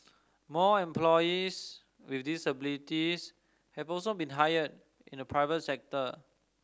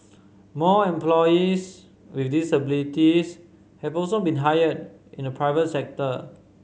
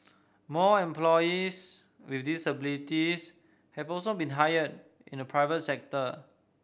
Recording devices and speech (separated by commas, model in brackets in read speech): standing microphone (AKG C214), mobile phone (Samsung C5010), boundary microphone (BM630), read sentence